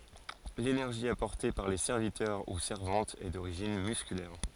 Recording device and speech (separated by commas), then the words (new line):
forehead accelerometer, read sentence
L’énergie apportée par les serviteurs ou servantes est d'origine musculaire.